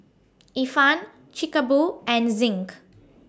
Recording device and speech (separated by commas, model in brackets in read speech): standing microphone (AKG C214), read sentence